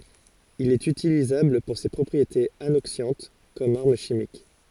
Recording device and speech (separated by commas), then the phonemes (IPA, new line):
forehead accelerometer, read sentence
il ɛt ytilizabl puʁ se pʁɔpʁietez anoksjɑ̃t kɔm aʁm ʃimik